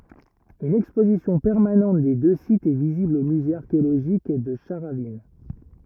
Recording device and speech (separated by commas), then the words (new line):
rigid in-ear microphone, read sentence
Une exposition permanente des deux sites est visible au musée archéologique de Charavines.